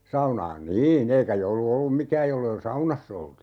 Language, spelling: Finnish, saunaan niin eikä joulu ollut mikään jos ei - saunassa oltu
- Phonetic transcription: 'saunaan "nii'n ‿eikä 'joulu 'ollum "mikääj jollei ol - "saunas's ‿oltu .

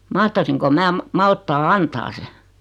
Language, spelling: Finnish, mahtaisinko minä - malttaa antaa sen
- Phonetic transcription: 'mahtasiŋko 'mää ma- 'malttaa "antaa se ?

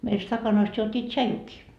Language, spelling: Finnish, meillä stakanoista juotiin tsaijukin
- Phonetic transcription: meil 'stakanoist juot́ii "tšajukii .

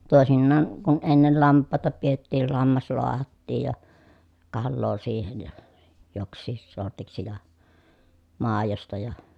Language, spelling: Finnish, toisinaan kun ennen lampaita pidettiin lammas lahdattiin ja kalaa siihen ja joksikin sortiksi ja maidosta ja
- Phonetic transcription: tòesinnaan , kun ennel lamp̆pàeta piettiil lammas loahattiij ja , kalloo siihen ja , joks̆siis sortiksi ja , màejosta ja ,.

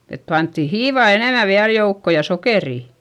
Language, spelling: Finnish, että pantiin hiivaa enemmän vielä joukkoon ja sokeria
- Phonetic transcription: et pantti hiivà enèmä viäl joukko ja sokerì .

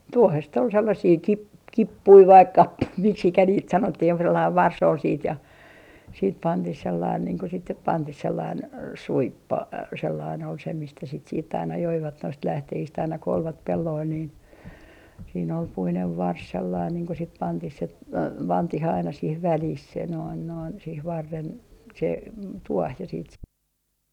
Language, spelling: Finnish, tuohesta oli sellaisia - kippuja vai kappuja miksi niitä sanottiin joku sellainen varsi oli sitten ja sitten pantiin sellainen niin kuin sitten nyt pantiin sellainen suippo sellainen oli se mistä sitä sitten aina joivat noista lähteistä aina kun olivat pelloilla niin siinä oli puinen varsi sellainen niin kun sitten pantiin se pantiin aina siihen väliin se noin noin siihen varren se tuohi ja sitten se
- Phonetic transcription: "tuohest ol sellasii 'kip- , "kippui vaik "kappui miksikä niit 'sanottih joku 'sellaiv "vars ol siit ja , siit 'pantih sellain niiŋ ko sit nyp "pantih 'sellain , "suippo 'sellain ol se 'mistä sit siitt ‿aina 'joivat noist 'lähtehist aina ko olvat 'pelloil niin , siin ‿ol 'puinev "vars sellain niiŋ ko sit 'pantih se , 'pantih aina 'sih "välih se noin noin , sih 'varren , se 'tuoh ja siit se .

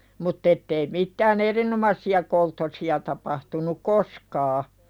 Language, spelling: Finnish, mutta että ei mitään erinomaisia kolttosia tapahtunut koskaan
- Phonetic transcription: mutt ‿ettei mittää"n ‿erinomassi₍a kolttosi₍a tapahtunuk "koskaa .

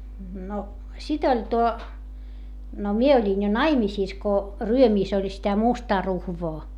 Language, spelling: Finnish, no sitten oli tuo no minä olin jo naimisissa kun Ryömissä oli sitä mustaa ruhvoa
- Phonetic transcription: no , sit ‿oĺ tuo , no mie oĺin jo naimisìs ko , Ryömìs ‿oĺ sitä mustaa ruhvoo .

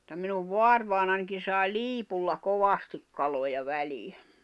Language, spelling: Finnish, mutta minun vaarivainajanikin sai liipulla kovasti kaloja väliin
- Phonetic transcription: [mut]ta minuv "voarvài̬nanki sài̬ "liipulla 'kovastik kaloja 'välii .

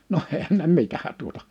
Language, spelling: Finnish, no eihän ne mitä tuota
- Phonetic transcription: noh 'èihän ne 'mitä tuota .

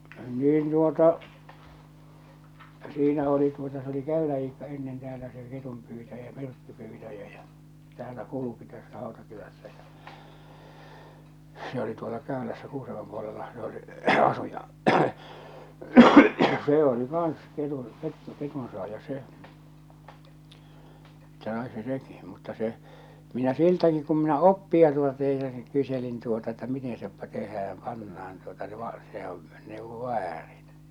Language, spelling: Finnish, niin tuota siinä oli tuota se oli Käylän Iikka ennen täällä se ketunpyytäjä myrkkypyytäjä ja täällä kulki tässä Hautakylässä se oli tuolla Käylässä Kuusamon puolellahan se oli asui ja se oli kanssa - - ketunsaaja se että sai se sekin mutta se minä siltäkin kun minä oppia tuota teisasin kyselin tuota että miten se tehdään pannaan tuota se - sehän neuvoi väärin
- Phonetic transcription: niin tuota , 'siinä oli tuota s ‿oli "Käylä Iikka ennen teäälä se 'ketumpyytäjä "myrkkypyytäjä ᴊᴀ , 'täällä "kuluki 'tässä 'Hàotakylässä se ‿oli tuola "Kä̀ölässä 'Kuusamom puolellahaa̰ se ‿oli , 'asu ja , 'see oli kaaa̰s 'ketun- , kettu- , 'ketunsoàja 'se , että sai se "seki , mutta se , minä "siltäki kum minä "oppia tuota 'teisasi 'kyselin tuota että "miten̬ se 'tehääm 'pannaan tuota se va- , sehäv̳ , nèuvvo "väärin .

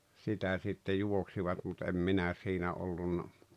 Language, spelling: Finnish, sitä sitten juoksivat mutta en minä siinä ollut
- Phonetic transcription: 'sitä sitte 'juoksivat mut em "minä siinä 'ollunna .

